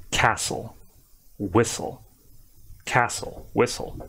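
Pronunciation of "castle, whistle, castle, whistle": In 'castle' and 'whistle', the emphasis is on the s sound, and no t sound is pronounced at all.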